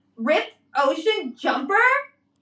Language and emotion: English, disgusted